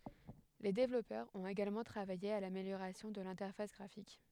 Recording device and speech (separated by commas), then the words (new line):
headset microphone, read sentence
Les développeurs ont également travaillé à l'amélioration de l'interface graphique.